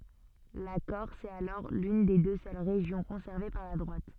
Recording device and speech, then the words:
soft in-ear microphone, read sentence
La Corse est alors l'une des deux seules régions conservées par la droite.

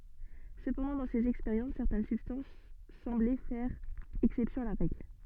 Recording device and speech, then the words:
soft in-ear microphone, read sentence
Cependant dans ces expériences, certaines substances semblaient faire exception à la règle.

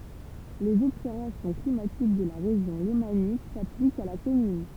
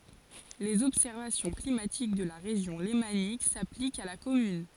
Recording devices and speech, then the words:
temple vibration pickup, forehead accelerometer, read sentence
Les observations climatiques de la Région lémanique s'appliquent à la commune.

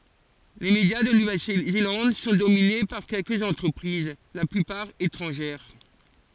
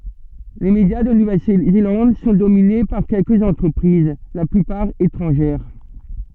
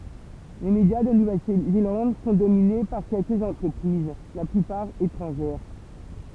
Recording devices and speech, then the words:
forehead accelerometer, soft in-ear microphone, temple vibration pickup, read sentence
Les médias de Nouvelle-Zélande sont dominés par quelques entreprises, la plupart étrangères.

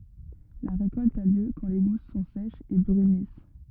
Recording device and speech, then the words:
rigid in-ear microphone, read sentence
La récolte a lieu quand les gousses sont sèches et brunissent.

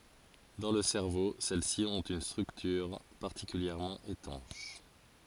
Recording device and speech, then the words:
forehead accelerometer, read sentence
Dans le cerveau, celles-ci ont une structure particulièrement étanche.

